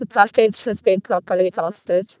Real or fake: fake